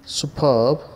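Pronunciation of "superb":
'superb' is pronounced correctly here.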